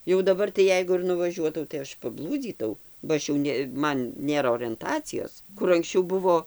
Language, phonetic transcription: Lithuanian, jau daˈbar tai ˈjeigu ir nuvaˈžiuotau tai ˈaš paˈblūdzytau ba ˈaš jau ne ˈman ˈnėra orenˈtacijos ˈkur anksˈčiau ˈbuvo

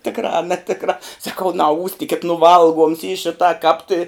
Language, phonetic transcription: Lithuanian, ˈtikrā a neˈtikrā saˈkau naˈūstikit nu ˈvalˌguoms y ˈšitą kāp ti

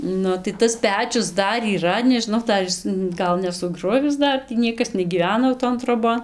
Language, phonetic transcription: Lithuanian, ˈnu tai ˈtas ˈpečius ˈdar yˈra nežinˈau ˈdar is ˈgal nesuˈgruvis ˈdar tį ˈniekas negyˈvena jau ˈton troˈbon

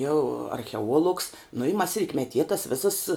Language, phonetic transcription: Lithuanian, jau archeˈuolugs nu i mas ritmeˈtie tas ˈvisas

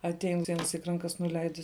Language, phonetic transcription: Lithuanian, atˈein ˈtein vienˈsik ranˈkas nuˈleidis

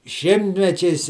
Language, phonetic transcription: Lithuanian, ˈšimtmečiais

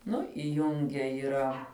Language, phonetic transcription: Lithuanian, ˈnu iˈjunge yˈra

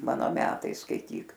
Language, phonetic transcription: Lithuanian, ˈmano ˈmetai skaiˈtyk

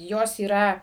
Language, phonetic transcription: Lithuanian, ˈjos yˈra

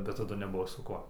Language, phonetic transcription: Lithuanian, bet taˈdu neˈbuvo su ˈkuo

